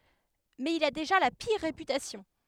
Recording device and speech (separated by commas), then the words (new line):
headset microphone, read sentence
Mais il a déjà la pire réputation.